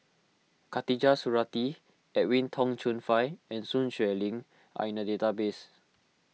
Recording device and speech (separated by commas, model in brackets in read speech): mobile phone (iPhone 6), read sentence